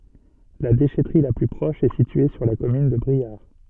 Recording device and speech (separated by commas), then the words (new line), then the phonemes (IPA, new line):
soft in-ear microphone, read sentence
La déchèterie la plus proche est située sur la commune de Briare.
la deʃɛtʁi la ply pʁɔʃ ɛ sitye syʁ la kɔmyn də bʁiaʁ